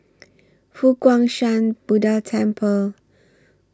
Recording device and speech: standing microphone (AKG C214), read sentence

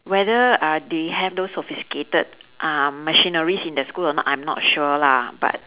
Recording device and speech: telephone, conversation in separate rooms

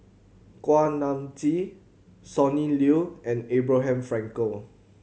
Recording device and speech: mobile phone (Samsung C7100), read sentence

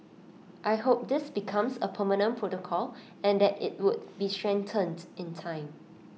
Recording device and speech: mobile phone (iPhone 6), read sentence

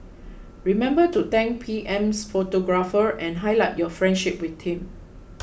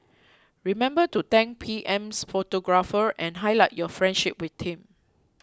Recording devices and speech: boundary microphone (BM630), close-talking microphone (WH20), read sentence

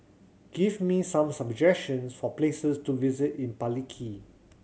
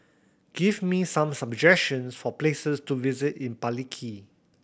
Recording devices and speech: mobile phone (Samsung C7100), boundary microphone (BM630), read sentence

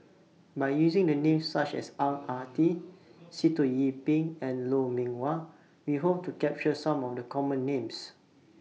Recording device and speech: mobile phone (iPhone 6), read sentence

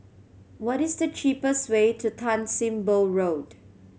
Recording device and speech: mobile phone (Samsung C7100), read sentence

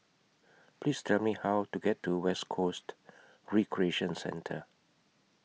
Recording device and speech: mobile phone (iPhone 6), read sentence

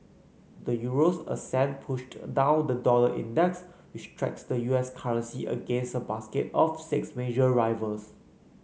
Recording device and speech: mobile phone (Samsung C9), read sentence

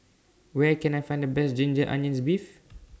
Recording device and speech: standing microphone (AKG C214), read sentence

